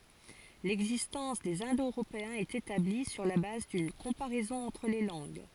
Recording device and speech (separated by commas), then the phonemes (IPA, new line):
forehead accelerometer, read sentence
lɛɡzistɑ̃s dez ɛ̃do øʁopeɛ̃z ɛt etabli syʁ la baz dyn kɔ̃paʁɛzɔ̃ ɑ̃tʁ le lɑ̃ɡ